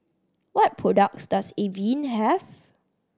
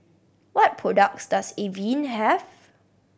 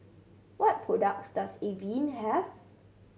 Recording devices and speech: standing microphone (AKG C214), boundary microphone (BM630), mobile phone (Samsung C7100), read sentence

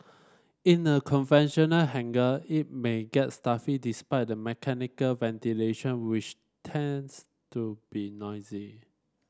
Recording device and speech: standing microphone (AKG C214), read sentence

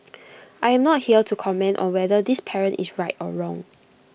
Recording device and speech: boundary microphone (BM630), read sentence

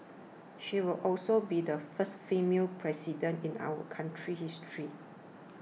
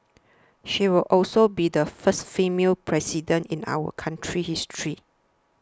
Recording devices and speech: mobile phone (iPhone 6), standing microphone (AKG C214), read sentence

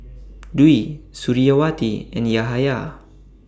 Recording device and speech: standing microphone (AKG C214), read sentence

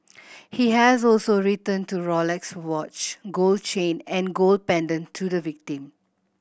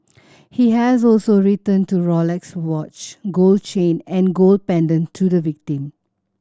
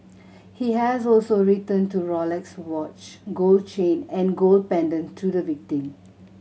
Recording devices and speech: boundary microphone (BM630), standing microphone (AKG C214), mobile phone (Samsung C7100), read sentence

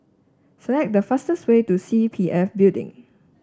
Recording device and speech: standing microphone (AKG C214), read sentence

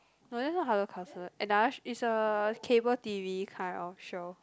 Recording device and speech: close-talking microphone, conversation in the same room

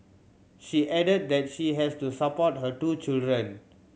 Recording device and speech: mobile phone (Samsung C7100), read sentence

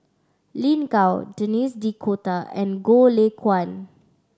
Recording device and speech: standing microphone (AKG C214), read sentence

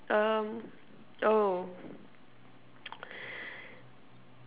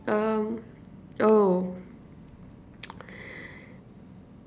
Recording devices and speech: telephone, standing microphone, conversation in separate rooms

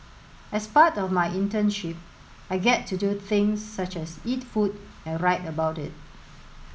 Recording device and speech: mobile phone (Samsung S8), read sentence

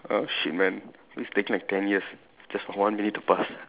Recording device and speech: telephone, conversation in separate rooms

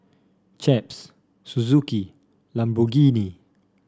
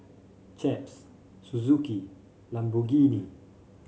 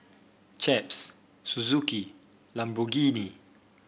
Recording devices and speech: standing microphone (AKG C214), mobile phone (Samsung C5), boundary microphone (BM630), read sentence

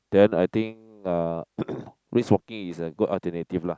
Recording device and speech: close-talking microphone, conversation in the same room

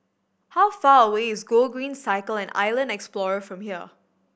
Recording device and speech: boundary microphone (BM630), read sentence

